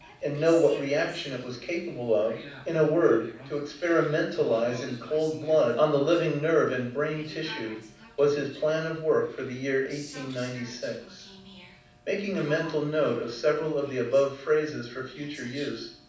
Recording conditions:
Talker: one person; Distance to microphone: 5.8 m; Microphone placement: far; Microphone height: 1.8 m; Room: medium-sized (5.7 m by 4.0 m); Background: television

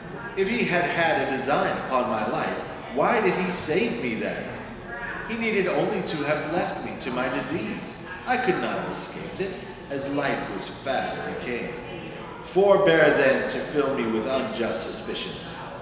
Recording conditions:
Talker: one person; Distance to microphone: 1.7 m; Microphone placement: close; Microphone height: 1.0 m; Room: very reverberant, large; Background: babble

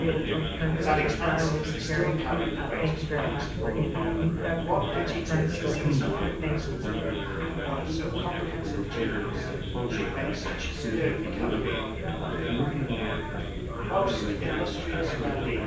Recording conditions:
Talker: one person; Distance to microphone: 9.8 m; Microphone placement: far; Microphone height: 1.8 m; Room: large; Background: babble

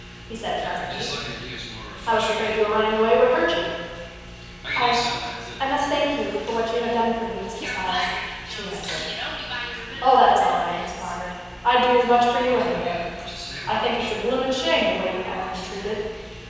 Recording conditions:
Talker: one person; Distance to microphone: 7.1 m; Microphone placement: far; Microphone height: 1.7 m; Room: very reverberant, large; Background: television

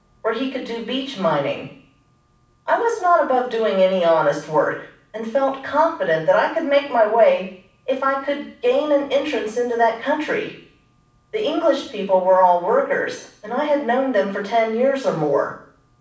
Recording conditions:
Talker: one person; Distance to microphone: 5.8 m; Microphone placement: far; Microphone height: 1.8 m; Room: medium-sized (5.7 m by 4.0 m); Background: none

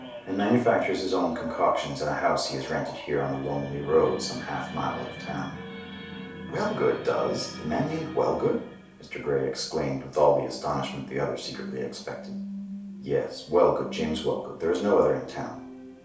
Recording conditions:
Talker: one person; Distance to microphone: 3.0 m; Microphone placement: far; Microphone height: 1.8 m; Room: small (3.7 m by 2.7 m); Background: television

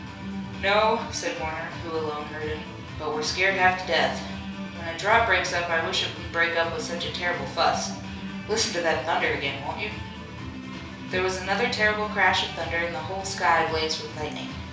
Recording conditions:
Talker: one person; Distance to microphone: 3.0 m; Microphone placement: far; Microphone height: 1.8 m; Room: small (3.7 m by 2.7 m); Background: music

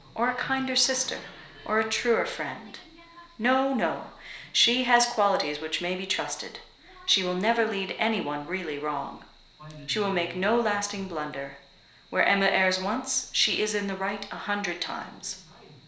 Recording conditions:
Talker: one person; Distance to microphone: 1.0 m; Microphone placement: close; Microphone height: 1.1 m; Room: small (3.7 m by 2.7 m); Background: television

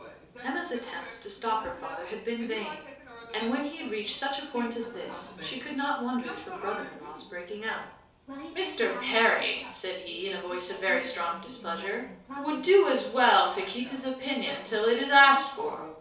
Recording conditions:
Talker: one person; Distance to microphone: 3.0 m; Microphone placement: far; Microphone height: 1.8 m; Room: small (3.7 m by 2.7 m); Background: television

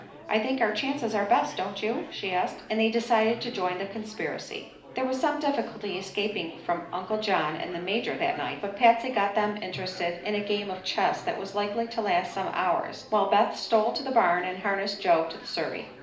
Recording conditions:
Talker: one person; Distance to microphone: 2.0 m; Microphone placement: close; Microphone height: 99 cm; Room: medium-sized (5.7 m by 4.0 m); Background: babble

